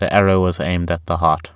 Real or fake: real